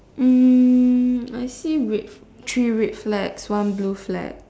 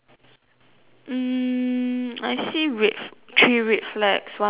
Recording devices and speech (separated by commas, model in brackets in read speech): standing microphone, telephone, conversation in separate rooms